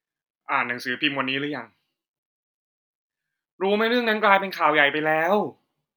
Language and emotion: Thai, frustrated